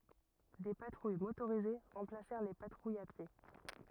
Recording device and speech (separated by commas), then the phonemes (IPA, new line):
rigid in-ear microphone, read sentence
de patʁuj motoʁize ʁɑ̃plasɛʁ le patʁujz a pje